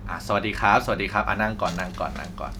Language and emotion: Thai, neutral